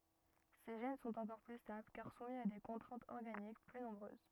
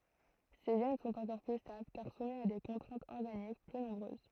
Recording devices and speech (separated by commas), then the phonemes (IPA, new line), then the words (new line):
rigid in-ear microphone, throat microphone, read sentence
se ʒɛn sɔ̃t ɑ̃kɔʁ ply stabl kaʁ sumi a de kɔ̃tʁɛ̃tz ɔʁɡanik ply nɔ̃bʁøz
Ces gènes sont encore plus stables car soumis à des contraintes organiques plus nombreuses.